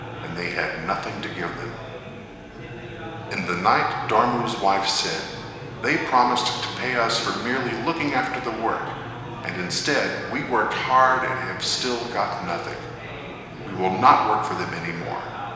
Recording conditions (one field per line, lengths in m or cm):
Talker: one person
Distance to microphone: 1.7 m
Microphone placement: close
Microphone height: 1.0 m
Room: very reverberant, large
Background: babble